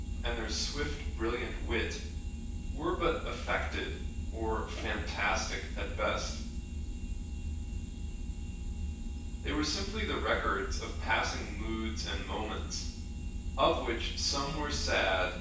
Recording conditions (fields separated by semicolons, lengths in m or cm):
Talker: one person; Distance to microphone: 9.8 m; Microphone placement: far; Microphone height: 1.8 m; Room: large; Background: none